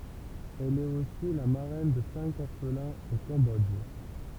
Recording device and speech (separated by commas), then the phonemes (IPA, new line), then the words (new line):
temple vibration pickup, read sentence
ɛl ɛt osi la maʁɛn də sɛ̃k ɔʁflɛ̃z o kɑ̃bɔdʒ
Elle est aussi la marraine de cinq orphelins au Cambodge.